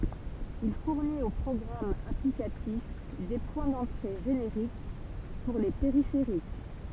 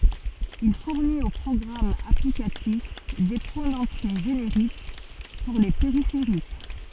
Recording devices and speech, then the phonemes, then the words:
temple vibration pickup, soft in-ear microphone, read sentence
il fuʁnit o pʁɔɡʁamz aplikatif de pwɛ̃ dɑ̃tʁe ʒeneʁik puʁ le peʁifeʁik
Il fournit aux programmes applicatifs des points d’entrée génériques pour les périphériques.

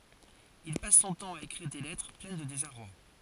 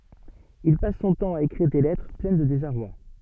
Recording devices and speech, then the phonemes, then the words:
forehead accelerometer, soft in-ear microphone, read sentence
il pas sɔ̃ tɑ̃ a ekʁiʁ de lɛtʁ plɛn də dezaʁwa
Il passe son temps à écrire des lettres pleines de désarroi.

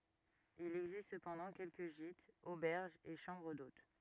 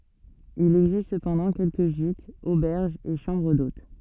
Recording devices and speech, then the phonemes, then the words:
rigid in-ear microphone, soft in-ear microphone, read sentence
il ɛɡzist səpɑ̃dɑ̃ kɛlkə ʒitz obɛʁʒz e ʃɑ̃bʁ dot
Il existe cependant quelques gîtes, auberges et chambres d'hôtes.

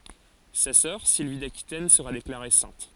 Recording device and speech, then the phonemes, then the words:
forehead accelerometer, read sentence
sa sœʁ silvi dakitɛn səʁa deklaʁe sɛ̃t
Sa sœur, Sylvie d'Aquitaine, sera déclarée sainte.

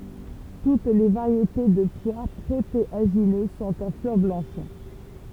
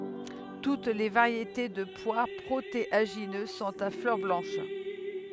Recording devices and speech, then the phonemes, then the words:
temple vibration pickup, headset microphone, read sentence
tut le vaʁjete də pwa pʁoteaʒinø sɔ̃t a flœʁ blɑ̃ʃ
Toutes les variétés de pois protéagineux sont à fleurs blanches.

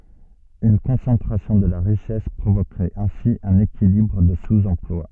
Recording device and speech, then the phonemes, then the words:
soft in-ear microphone, read sentence
yn kɔ̃sɑ̃tʁasjɔ̃ də la ʁiʃɛs pʁovokʁɛt ɛ̃si œ̃n ekilibʁ də suz ɑ̃plwa
Une concentration de la richesse provoquerait ainsi un équilibre de sous-emploi.

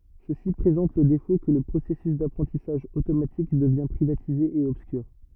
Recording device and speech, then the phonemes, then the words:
rigid in-ear microphone, read sentence
səsi pʁezɑ̃t lə defo kə lə pʁosɛsys dapʁɑ̃tisaʒ otomatik dəvjɛ̃ pʁivatize e ɔbskyʁ
Ceci présente le défaut que le processus d’apprentissage automatique devient privatisé et obscur.

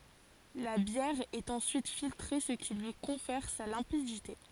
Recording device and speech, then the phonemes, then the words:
forehead accelerometer, read sentence
la bjɛʁ ɛt ɑ̃syit filtʁe sə ki lyi kɔ̃fɛʁ sa lɛ̃pidite
La bière est ensuite filtrée ce qui lui confère sa limpidité.

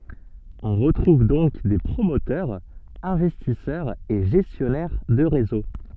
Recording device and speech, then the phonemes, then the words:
soft in-ear microphone, read sentence
ɔ̃ ʁətʁuv dɔ̃k de pʁomotœʁz ɛ̃vɛstisœʁz e ʒɛstjɔnɛʁ də ʁezo
On retrouve donc des promoteurs, investisseurs et gestionnaires de réseaux.

